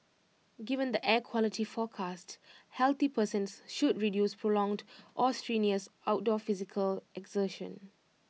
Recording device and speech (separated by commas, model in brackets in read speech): mobile phone (iPhone 6), read sentence